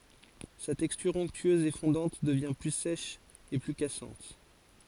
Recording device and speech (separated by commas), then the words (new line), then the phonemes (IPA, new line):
forehead accelerometer, read sentence
Sa texture onctueuse et fondante devient plus sèche et plus cassante.
sa tɛkstyʁ ɔ̃ktyøz e fɔ̃dɑ̃t dəvjɛ̃ ply sɛʃ e ply kasɑ̃t